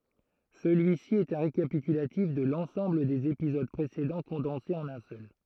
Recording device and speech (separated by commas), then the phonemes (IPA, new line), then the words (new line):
throat microphone, read sentence
səlyisi ɛt œ̃ ʁekapitylatif də lɑ̃sɑ̃bl dez epizod pʁesedɑ̃ kɔ̃dɑ̃se ɑ̃n œ̃ sœl
Celui-ci est un récapitulatif de l'ensemble des épisodes précédents condensé en un seul.